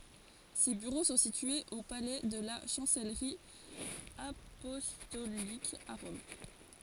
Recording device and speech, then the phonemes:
forehead accelerometer, read sentence
se byʁo sɔ̃ sityez o palɛ də la ʃɑ̃sɛlʁi apɔstolik a ʁɔm

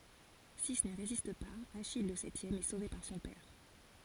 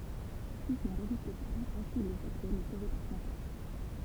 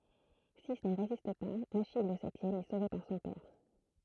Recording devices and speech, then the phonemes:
forehead accelerometer, temple vibration pickup, throat microphone, read sentence
si ni ʁezist paz aʃij lə sɛtjɛm ɛ sove paʁ sɔ̃ pɛʁ

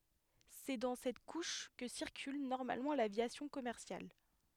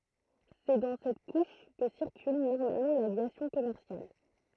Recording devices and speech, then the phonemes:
headset microphone, throat microphone, read sentence
sɛ dɑ̃ sɛt kuʃ kə siʁkyl nɔʁmalmɑ̃ lavjasjɔ̃ kɔmɛʁsjal

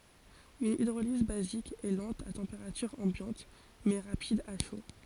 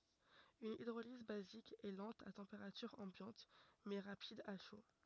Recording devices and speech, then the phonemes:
forehead accelerometer, rigid in-ear microphone, read sentence
yn idʁoliz bazik ɛ lɑ̃t a tɑ̃peʁatyʁ ɑ̃bjɑ̃t mɛ ʁapid a ʃo

